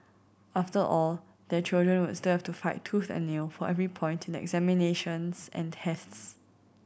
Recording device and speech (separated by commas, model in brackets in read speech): boundary microphone (BM630), read sentence